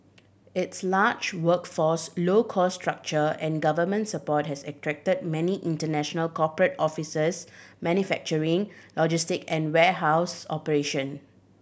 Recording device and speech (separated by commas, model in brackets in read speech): boundary microphone (BM630), read sentence